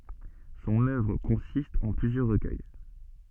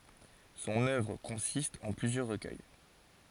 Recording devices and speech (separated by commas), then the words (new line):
soft in-ear microphone, forehead accelerometer, read sentence
Son œuvre consiste en plusieurs recueils.